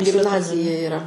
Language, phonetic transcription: Lithuanian, gimˈnazija iˈra

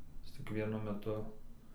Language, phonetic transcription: Lithuanian, ˈjis cik ˈvienu meˈtu

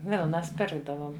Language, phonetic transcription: Lithuanian, ˈvilnas ˈpirkdavom

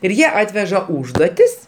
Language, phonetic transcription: Lithuanian, ir ˈjie ˈatveža ˈūžduotis

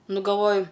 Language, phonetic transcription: Lithuanian, ˈnu galˈvoju

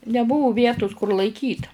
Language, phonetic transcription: Lithuanian, neˈbuvu ˈvietus kur laiˈkyt

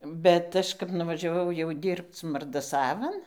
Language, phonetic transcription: Lithuanian, ˈbet ˈaš kap nuvažiaˈvau jau ˈdyrbc mardaˈsavan

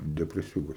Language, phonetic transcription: Lithuanian, depreˈsiūgas

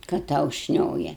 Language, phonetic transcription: Lithuanian, kad ˈtau ˈšnioja

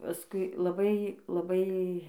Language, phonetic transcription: Lithuanian, paˈskui laˈbai laˈbai

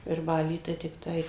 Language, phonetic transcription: Lithuanian, virˈbaly tai tikˈtai

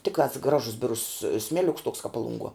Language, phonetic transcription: Lithuanian, ˈtiktās ˈgražus ˈbirus ˈsmeliuks toks kap ˈpalunˌguo

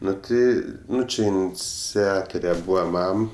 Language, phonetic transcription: Lithuanian, ˈnu ti ˈnu ˈči inˈciatore ˈbūva ˈmam

